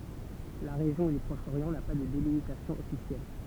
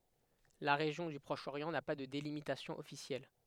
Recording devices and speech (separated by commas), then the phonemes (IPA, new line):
temple vibration pickup, headset microphone, read sentence
la ʁeʒjɔ̃ dy pʁɔʃ oʁjɑ̃ na pa də delimitasjɔ̃ ɔfisjɛl